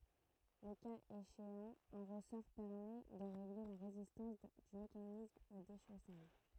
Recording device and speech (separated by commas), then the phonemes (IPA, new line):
throat microphone, read sentence
lə kaz eʃeɑ̃ œ̃ ʁəsɔʁ pɛʁmɛ də ʁeɡle la ʁezistɑ̃s dy mekanism o deʃosaʒ